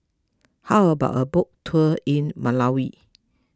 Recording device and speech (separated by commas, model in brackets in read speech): close-talking microphone (WH20), read sentence